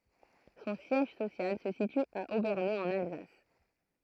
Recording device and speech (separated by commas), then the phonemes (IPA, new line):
throat microphone, read sentence
sɔ̃ sjɛʒ sosjal sə sity a obɛʁne ɑ̃n alzas